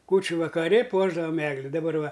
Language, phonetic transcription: Lithuanian, ˈkūčiu vakaˈri ˈpuošdavam ˈegli daˈbar ˈva

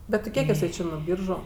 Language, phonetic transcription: Lithuanian, bet ti ˈkiek iˈsai ˈčė nuo ˈbyržu

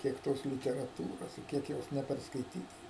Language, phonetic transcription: Lithuanian, ˈkiek ˈtos literaˈtūros i ˈkiek ˈjos neperskaiˈtyta

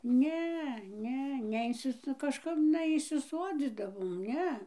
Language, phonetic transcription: Lithuanian, ˈne ˈne neˈinsis nu kažˈkap neįsiˈsuodzydavom ˈne

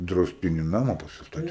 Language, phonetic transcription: Lithuanian, drausˈtiny ˈnama pasiˈstati

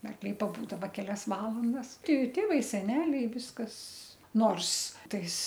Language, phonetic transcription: Lithuanian, arkˈliai paˈbūdava keˈlias ˈvalandas ˈti ˈtėvai seˈneliai ˈviskas ˈnors ˈtais

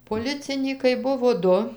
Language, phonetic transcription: Lithuanian, poˈlicinykai ˈbuvo ˈdu

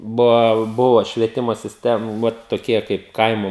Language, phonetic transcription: Lithuanian, ˈbuva ˈbuvo švieˈtimo sisˈtem ˈvat toˈkie kaip ˈkaimu

